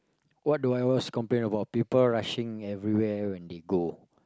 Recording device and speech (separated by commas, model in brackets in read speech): close-talking microphone, conversation in the same room